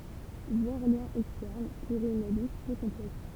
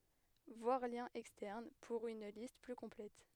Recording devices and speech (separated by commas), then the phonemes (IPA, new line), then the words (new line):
temple vibration pickup, headset microphone, read sentence
vwaʁ ljɛ̃z ɛkstɛʁn puʁ yn list ply kɔ̃plɛt
Voir Liens Externes pour une liste plus complète.